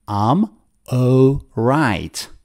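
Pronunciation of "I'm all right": In 'I'm all right', 'I'm' is said as 'um' and 'all' is said as 'oh'.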